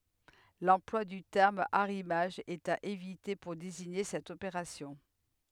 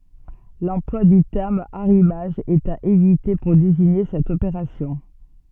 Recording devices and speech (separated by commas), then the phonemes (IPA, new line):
headset microphone, soft in-ear microphone, read sentence
lɑ̃plwa dy tɛʁm aʁimaʒ ɛt a evite puʁ deziɲe sɛt opeʁasjɔ̃